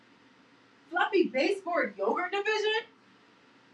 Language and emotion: English, disgusted